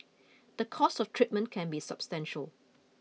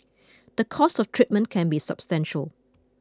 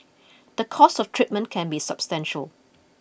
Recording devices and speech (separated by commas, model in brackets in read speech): mobile phone (iPhone 6), close-talking microphone (WH20), boundary microphone (BM630), read sentence